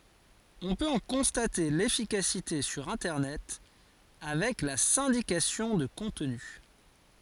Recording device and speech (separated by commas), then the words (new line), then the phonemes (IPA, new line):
forehead accelerometer, read sentence
On peut en constater l'efficacité sur Internet avec la syndication de contenu.
ɔ̃ pøt ɑ̃ kɔ̃state lefikasite syʁ ɛ̃tɛʁnɛt avɛk la sɛ̃dikasjɔ̃ də kɔ̃tny